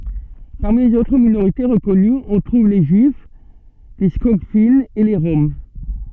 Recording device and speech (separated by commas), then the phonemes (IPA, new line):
soft in-ear microphone, read sentence
paʁmi lez otʁ minoʁite ʁəkɔnyz ɔ̃ tʁuv le ʒyif le skɔɡfinz e le ʁɔm